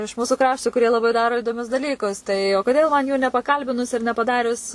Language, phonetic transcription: Lithuanian, iš ˈmūsu ˈkraštu kuˈrie laˈbai ˈdaro idoˈmius daˈlykus tai o ˈkodėl man jų nepaˈkalbinus ir nepaˈdarius

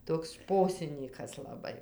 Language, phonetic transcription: Lithuanian, ˈtoks ˈšposinykas laˈbai

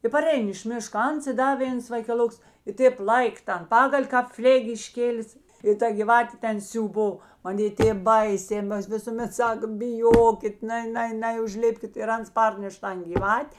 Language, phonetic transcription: Lithuanian, i paˈrein iš ˈmiška ˈans i ˈda ˈvėns vaikeˈloks i ˈtėp ˈlaik ˈtan ˈpagal' kāp ˈflėg' išˈkėlis i ˈta gyˈvatė ˈten siūˈbo maˈnė ˈtėp ˈbaisė ˈmas visuˈmet ˈsak biˈjokit ˈnai ˈnai ˈnai užˈlipkit ir ˈans ˈparneš ˈtan giˈvat'

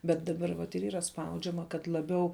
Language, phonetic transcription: Lithuanian, bet daˈbar vat ir ˈyra ˈspaudžiama kad laˈbiau

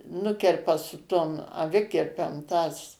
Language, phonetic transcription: Lithuanian, ˈnukerpa su ˈtom aˈvikirpem tas

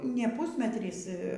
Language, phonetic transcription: Lithuanian, ne ˈpūsmetrys

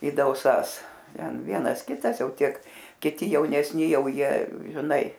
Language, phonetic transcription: Lithuanian, i dauˈsas ˈten ˈvienas ˈkitas ˈjau ˈtiek kiˈti jaunesˈni ˈjau ˈjie žiˈnai

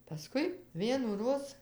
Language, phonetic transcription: Lithuanian, paˈskui vienųˈroz

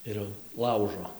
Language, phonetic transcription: Lithuanian, ˈir jau ˈlaužo

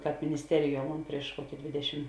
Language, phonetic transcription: Lithuanian, ˈkāp minisˈteriˌjuo ˈmon ˈprieš ˈkuoki ˈdvėdešim

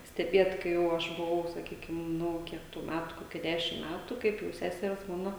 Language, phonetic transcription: Lithuanian, steˈbiet kai ˈjau aš buˈvau saˈkykim ˈnu ˈkiek tų ˈmætu ˈkokia ˈdešim ˈmætu ˈkaip jau ˈseseres ˈmana

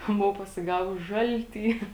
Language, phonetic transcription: Lithuanian, ˈbuvau pasiˈgavus ˈžalˌty

